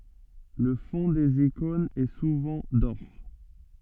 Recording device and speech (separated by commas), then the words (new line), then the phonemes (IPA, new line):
soft in-ear microphone, read sentence
Le fonds des icônes est souvent d'or.
lə fɔ̃ dez ikɔ̃nz ɛ suvɑ̃ dɔʁ